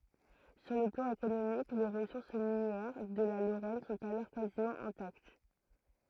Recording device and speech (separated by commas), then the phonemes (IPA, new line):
throat microphone, read sentence
syʁ lə plɑ̃ ekonomik le ʁəsuʁs minjɛʁ də la loʁɛn sɔ̃t alɔʁ kazimɑ̃ ɛ̃takt